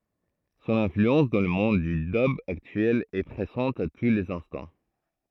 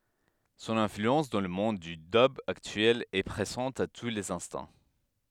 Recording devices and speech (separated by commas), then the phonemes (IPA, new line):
throat microphone, headset microphone, read sentence
sɔ̃n ɛ̃flyɑ̃s dɑ̃ lə mɔ̃d dy dœb aktyɛl ɛ pʁezɑ̃t a tu lez ɛ̃stɑ̃